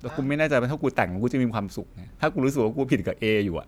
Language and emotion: Thai, frustrated